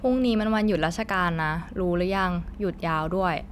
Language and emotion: Thai, neutral